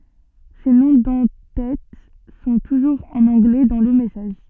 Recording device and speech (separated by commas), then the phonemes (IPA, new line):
soft in-ear microphone, read sentence
se nɔ̃ dɑ̃ tɛt sɔ̃ tuʒuʁz ɑ̃n ɑ̃ɡlɛ dɑ̃ lə mɛsaʒ